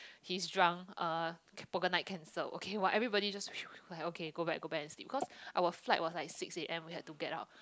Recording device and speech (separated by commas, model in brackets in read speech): close-talking microphone, conversation in the same room